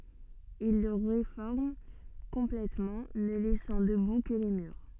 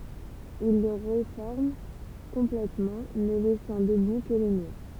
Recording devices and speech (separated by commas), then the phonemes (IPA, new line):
soft in-ear microphone, temple vibration pickup, read sentence
il lə ʁefɔʁm kɔ̃plɛtmɑ̃ nə lɛsɑ̃ dəbu kə le myʁ